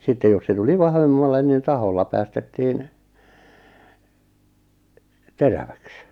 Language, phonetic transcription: Finnish, 'sittej jos se 'tuli "vahvemmallen nin 'taholla päästettiin , "teräväks .
- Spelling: sitten jos se tuli vahvemmalle niin tahkolla päästettiin teräväksi

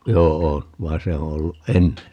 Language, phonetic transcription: Finnish, 'joo₍o , 'vain̬ se o 'olluʼ "ʼenne .
- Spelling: joo vaan se on ollut ennen

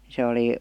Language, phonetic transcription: Finnish, se 'oli ,.
- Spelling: se oli

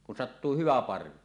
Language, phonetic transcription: Finnish, kun sattuu 'hyvä 'parvi .
- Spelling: kun sattuu hyvä parvi

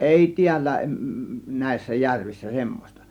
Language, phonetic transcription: Finnish, èi 'tiällä ; 'nä̀ėssä 'järvissä 'semmos̆ta .
- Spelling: ei täällä näissä järvissä semmoista

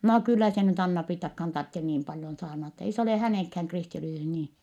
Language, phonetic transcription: Finnish, » noo kyllä se nyt Anna-Priittakhaan tartten niim paljon saarnat , ei s ‿olè hänèŋkhääŋ kristilisyys niin̬ . »
- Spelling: no kyllä se nyt Anna-Priittakaan tarvitse niin paljon saarnata ei se ole hänenkään kristillisyys niin

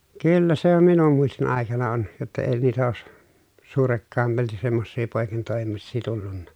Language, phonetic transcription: Finnish, kyllä se om minum muistin àekana on , jotta ee niitä oos , suurekkàemalti semmossii pòekintòemissii tullunna .
- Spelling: kyllä se on minun muistin aikana on jotta ei niitä ole suurekkaimmalti semmoisia poikintoimisia tullut

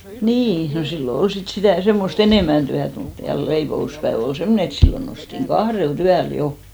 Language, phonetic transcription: Finnish, 'nii , no 'sillo "ol 'sit 'sitä̀ , 'semmos"t ‿enèmän tyät mut , ja 'leipo₍uspäev ‿ol "semmone et 'sillo nostiŋ "ɢahrel"t ‿yäl 'jo .
- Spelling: niin no silloin oli sitten sitä semmoista enemmän työtä mutta ja leipomuspäivä oli semmoinen että silloin noustiin kahdelta yöllä jo

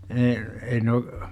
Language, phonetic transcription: Finnish, e- , 'Eino ,.
- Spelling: - Eino

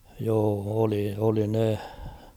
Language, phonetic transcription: Finnish, joo 'oli , oli ne .
- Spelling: joo oli oli ne

